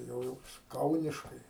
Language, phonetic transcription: Lithuanian, tai ˈjau ˈjis ˈkauniškai

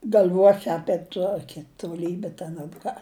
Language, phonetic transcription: Lithuanian, gal'ˈvuosi ˈapie ˈtuoki toˈlybi ten ar ˈką

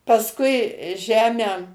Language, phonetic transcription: Lithuanian, pasˈkui ˈžemę

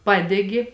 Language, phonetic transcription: Lithuanian, ˈpadegi

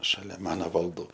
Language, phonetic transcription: Lithuanian, šaˈlia ˈmano valˈdų

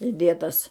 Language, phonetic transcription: Lithuanian, iˈdėtas

